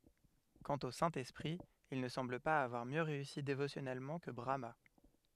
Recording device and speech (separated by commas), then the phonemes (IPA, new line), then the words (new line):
headset microphone, read sentence
kɑ̃t o sɛ̃ ɛspʁi il nə sɑ̃bl paz avwaʁ mjø ʁeysi devosjɔnɛlmɑ̃ kə bʁama
Quant au Saint-Esprit, il ne semble pas avoir mieux réussi dévotionnellement que Brahmâ.